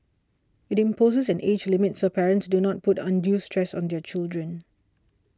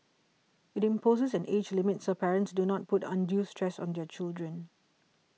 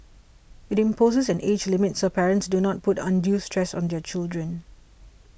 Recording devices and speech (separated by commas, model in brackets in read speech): standing microphone (AKG C214), mobile phone (iPhone 6), boundary microphone (BM630), read sentence